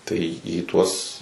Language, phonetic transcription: Lithuanian, tai į ˈtuos

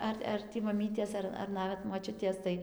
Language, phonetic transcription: Lithuanian, ˈar ar ˈtį maˈmytės ˈar ar ˈnavet moˈčiutės tai

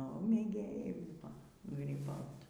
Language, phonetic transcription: Lithuanian, nu mėˈgėjai ˈbuvo gryˈbaut

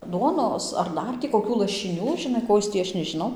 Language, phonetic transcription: Lithuanian, ˈduonos ar ˈdar tį koˈkių lašiˈnių žiˈnai ˈko jis tį ˈaš nežiˈnau

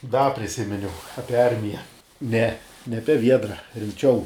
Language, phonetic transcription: Lithuanian, da priˈsiminiau ˈapie ˈarmija ˈne ne ˈape ˈviedra rimˈčiau

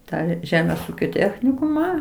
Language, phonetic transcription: Lithuanian, ˈtą ˈžemės ˈūkio ˈtechnikumą

